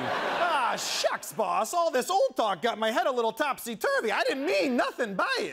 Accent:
transatlantic accent